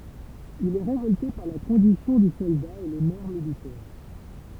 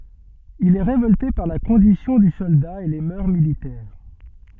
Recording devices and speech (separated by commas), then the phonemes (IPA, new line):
temple vibration pickup, soft in-ear microphone, read sentence
il ɛ ʁevɔlte paʁ la kɔ̃disjɔ̃ dy sɔlda e le mœʁ militɛʁ